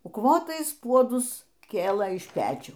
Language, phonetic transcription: Lithuanian, ukˈvotais ˈpuodus ˈkėlɘ iš ˈpečių

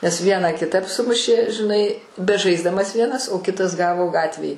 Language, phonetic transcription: Lithuanian, nes ˈvieną kiˈtap ˈsumušė žiˈnai beˈžaisdamas ˈvienas o ˈkitas ˈgavo ˈgatvėj

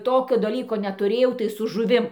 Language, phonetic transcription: Lithuanian, ˈtokio daˈlyko netuˈrėjau tai su žuˈvim

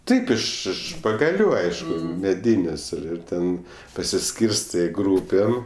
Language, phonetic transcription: Lithuanian, ˈtaip iš ˈiš pagaˈlių ˈaišku ˈmedinės' ir ˈir ˈten pasiˈskyrstɜ ˈgrūpėm

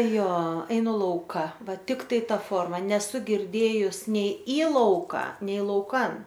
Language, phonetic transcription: Lithuanian, ˈjo eiˈnu ˈlauka ˈva ˈtiktai ˈta ˈforma neˈsu girˈdėjus ˈnei į ˈlauka nei lauˈkan

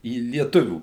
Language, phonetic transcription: Lithuanian, į lieˈtuvių

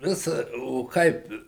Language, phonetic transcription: Lithuanian, ˈvis o ˈkaip

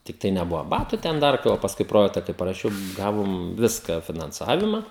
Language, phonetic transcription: Lithuanian, ˈtiktai neˈbuva ˈbatu ˈten ˈdar tai va pasˈkui ˈprojekta kai paraˈšiau ˈgavom ˈviska finanˈcavima

